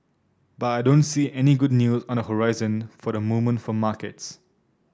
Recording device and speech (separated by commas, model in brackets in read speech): standing microphone (AKG C214), read sentence